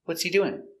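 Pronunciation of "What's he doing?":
In 'What's he doing?', the h in 'he' is silent because 'he' is unstressed. The intonation goes down at the end.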